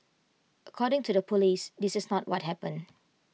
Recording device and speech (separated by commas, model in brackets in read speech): mobile phone (iPhone 6), read sentence